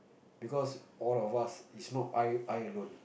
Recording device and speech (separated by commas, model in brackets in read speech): boundary microphone, conversation in the same room